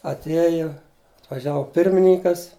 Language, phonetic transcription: Lithuanian, atˈieju atvaˈžiavo ˈpirmininkas

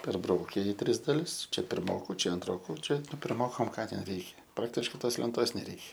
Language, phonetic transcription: Lithuanian, perˈbraukia i ˈtris daˈlis ˈčia pirˈmoku ˈčia anˈtroku ˈčia pirˈmokam ˈką ten ˈreikia ˈpraktiškai ˈtos lenˈtos neˈreikia

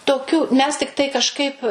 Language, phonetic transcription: Lithuanian, toˈkių mes tikˈtai kažˈkaip

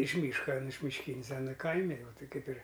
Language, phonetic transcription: Lithuanian, iš ˈmyška ˈan mišˈkynis ˈana ˈkaimi jau ˈtai ˈkaip ir

